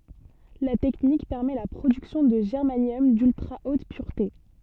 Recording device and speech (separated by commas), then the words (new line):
soft in-ear microphone, read sentence
La technique permet la production de germanium d'ultra-haute pureté.